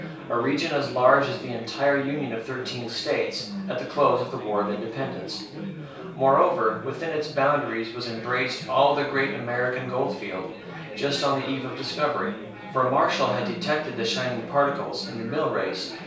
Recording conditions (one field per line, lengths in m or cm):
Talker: one person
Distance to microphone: 3.0 m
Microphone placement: far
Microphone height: 1.8 m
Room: small (3.7 m by 2.7 m)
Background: babble